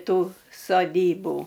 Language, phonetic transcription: Lithuanian, ˈtų soˈdybų

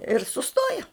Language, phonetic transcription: Lithuanian, ir suˈstoja

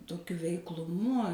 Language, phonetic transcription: Lithuanian, toˈkiu veikluˈmu

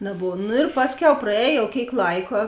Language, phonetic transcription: Lithuanian, naˈbov nu ir ˈpasˌkiau praˈēj jau ˈkėik ˈlaika

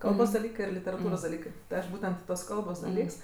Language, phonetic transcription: Lithuanian, ˈkalbos daˈlykɜ ir literaˈtūros daˈlykɜ tai ˈaš ˈbūtent tuos ˈkalbos daˈlyks

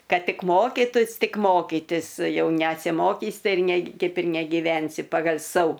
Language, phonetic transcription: Lithuanian, ˈkad ˈtik ˈmokytus ˈtik ˈmokytis ˈjau nesiˈmokys ˈtai ir ne ˈkaip ir negiˈvensi pagal' ˈsau

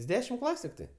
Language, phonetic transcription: Lithuanian, jis ˈdešim ˈklasiu tikˈtai

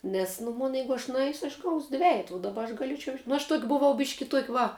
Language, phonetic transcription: Lithuanian, ˈnes nu ˈmon ˈjeigu aš nuˈeisiu aš gaus' ˈdvejetu u daˈba aš gaˈlėčiau nu aš tuok' buˈvau ˈbiški ˈtuok' ˈva

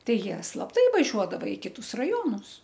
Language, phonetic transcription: Lithuanian, ˈtai ˈjie slapˈtai vaˈžiuodava i ˈkitus raˈjonus

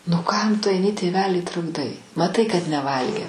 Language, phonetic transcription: Lithuanian, nu ˈkam ˈtu aiˈni tėˈvelį trukˈdai maˈtai kad neˈvalgė

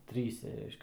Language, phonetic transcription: Lithuanian, ˈtryse ˈreiškia

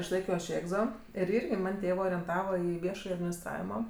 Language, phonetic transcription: Lithuanian, išˈlaikio aš ˈėgzo ir ˈirgi ˈman' ˈtėvɜ orenˈtava ˈį ˈviešaj adminisˈtravimo

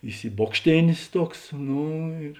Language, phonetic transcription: Lithuanian, isiˈbokštėnės ˈtuoks ˈno ir

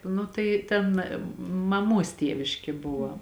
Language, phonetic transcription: Lithuanian, ˈnu tai ˈten maˈmuos ˈtieviški ˈbuva

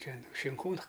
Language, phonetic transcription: Lithuanian, ˈten šinˈkūnu

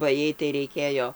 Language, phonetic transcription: Lithuanian, ba ˈjai tai reiˈkėjo

